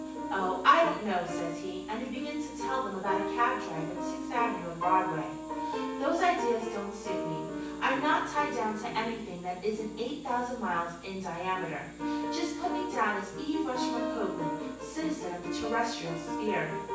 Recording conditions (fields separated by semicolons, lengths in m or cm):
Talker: one person; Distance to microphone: 9.8 m; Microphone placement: far; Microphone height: 1.8 m; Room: large; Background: music